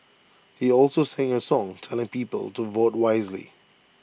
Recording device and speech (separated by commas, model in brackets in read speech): boundary microphone (BM630), read sentence